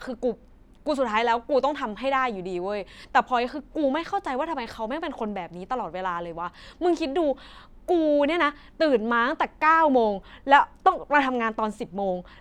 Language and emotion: Thai, frustrated